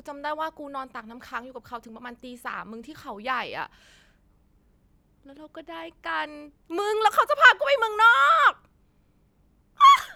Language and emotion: Thai, happy